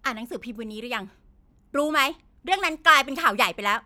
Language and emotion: Thai, angry